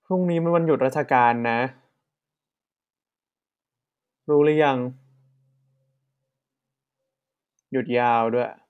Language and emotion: Thai, neutral